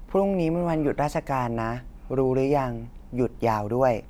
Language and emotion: Thai, neutral